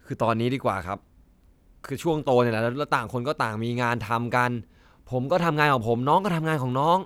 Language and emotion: Thai, frustrated